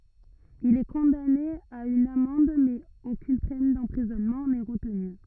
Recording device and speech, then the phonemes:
rigid in-ear microphone, read sentence
il ɛ kɔ̃dane a yn amɑ̃d mɛz okyn pɛn dɑ̃pʁizɔnmɑ̃ nɛ ʁətny

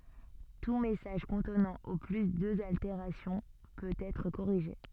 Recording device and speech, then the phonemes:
soft in-ear microphone, read sentence
tu mɛsaʒ kɔ̃tnɑ̃ o ply døz alteʁasjɔ̃ pøt ɛtʁ koʁiʒe

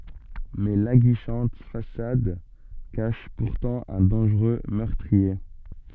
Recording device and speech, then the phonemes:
soft in-ear microphone, read sentence
mɛ laɡiʃɑ̃t fasad kaʃ puʁtɑ̃ œ̃ dɑ̃ʒʁø mœʁtʁie

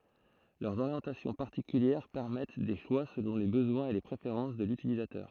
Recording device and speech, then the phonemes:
throat microphone, read sentence
lœʁz oʁjɑ̃tasjɔ̃ paʁtikyljɛʁ pɛʁmɛt de ʃwa səlɔ̃ le bəzwɛ̃z e le pʁefeʁɑ̃s də lytilizatœʁ

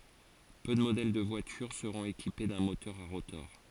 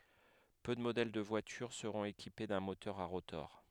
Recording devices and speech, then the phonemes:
forehead accelerometer, headset microphone, read sentence
pø də modɛl də vwatyʁ səʁɔ̃t ekipe dœ̃ motœʁ a ʁotɔʁ

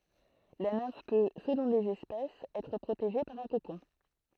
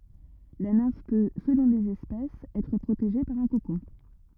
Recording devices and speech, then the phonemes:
throat microphone, rigid in-ear microphone, read sentence
la nɛ̃f pø səlɔ̃ lez ɛspɛsz ɛtʁ pʁoteʒe paʁ œ̃ kokɔ̃

